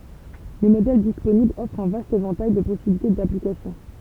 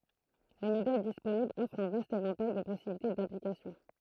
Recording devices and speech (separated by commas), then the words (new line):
temple vibration pickup, throat microphone, read sentence
Les modèles disponibles offrent un vaste éventail de possibilités d’application.